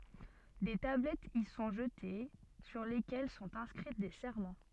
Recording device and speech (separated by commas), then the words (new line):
soft in-ear microphone, read sentence
Des tablettes y sont jetées, sur lesquelles sont inscrits des serments.